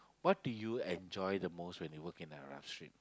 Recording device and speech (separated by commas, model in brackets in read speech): close-talking microphone, conversation in the same room